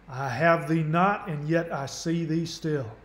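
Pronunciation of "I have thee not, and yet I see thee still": The line 'I have thee not, and yet I see thee still' is spoken in a Southern accent.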